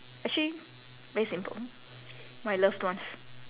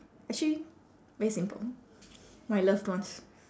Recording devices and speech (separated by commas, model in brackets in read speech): telephone, standing microphone, conversation in separate rooms